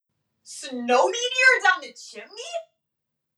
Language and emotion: English, surprised